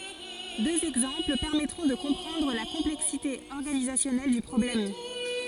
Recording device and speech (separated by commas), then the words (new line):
forehead accelerometer, read sentence
Deux exemples permettront de comprendre la complexité organisationnelle du problème.